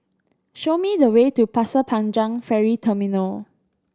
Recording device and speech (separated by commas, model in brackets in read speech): standing microphone (AKG C214), read sentence